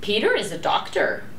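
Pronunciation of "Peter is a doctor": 'Peter is a doctor' is said with two stresses, and the voice goes up on the stresses.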